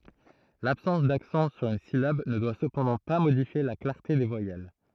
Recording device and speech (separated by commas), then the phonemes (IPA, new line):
throat microphone, read sentence
labsɑ̃s daksɑ̃ syʁ yn silab nə dwa səpɑ̃dɑ̃ pa modifje la klaʁte de vwajɛl